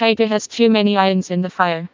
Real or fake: fake